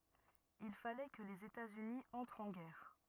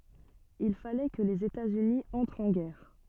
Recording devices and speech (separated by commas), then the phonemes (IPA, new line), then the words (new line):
rigid in-ear microphone, soft in-ear microphone, read sentence
il falɛ kə lez etaz yni ɑ̃tʁt ɑ̃ ɡɛʁ
Il fallait que les États-Unis entrent en guerre.